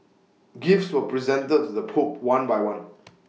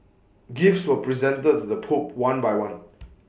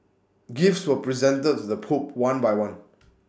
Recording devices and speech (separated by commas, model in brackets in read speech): mobile phone (iPhone 6), boundary microphone (BM630), standing microphone (AKG C214), read sentence